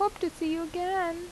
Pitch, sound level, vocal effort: 355 Hz, 83 dB SPL, normal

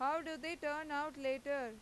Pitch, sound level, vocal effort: 290 Hz, 95 dB SPL, loud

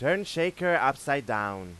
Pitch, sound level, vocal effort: 140 Hz, 97 dB SPL, very loud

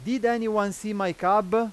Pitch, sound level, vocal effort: 215 Hz, 98 dB SPL, very loud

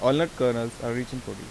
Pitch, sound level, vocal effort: 125 Hz, 86 dB SPL, normal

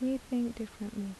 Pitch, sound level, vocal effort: 225 Hz, 76 dB SPL, soft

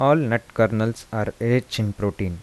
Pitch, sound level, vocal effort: 110 Hz, 82 dB SPL, soft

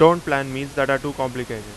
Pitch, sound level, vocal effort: 135 Hz, 92 dB SPL, very loud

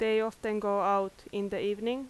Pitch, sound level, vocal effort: 210 Hz, 88 dB SPL, loud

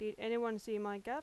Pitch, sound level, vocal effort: 220 Hz, 89 dB SPL, loud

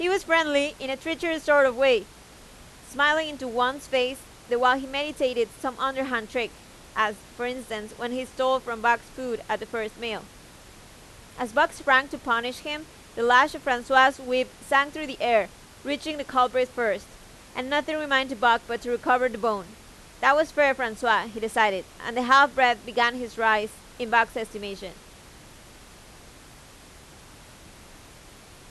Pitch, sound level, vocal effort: 250 Hz, 93 dB SPL, very loud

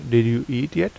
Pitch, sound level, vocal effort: 125 Hz, 81 dB SPL, normal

